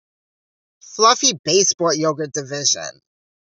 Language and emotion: English, disgusted